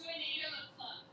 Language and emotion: English, surprised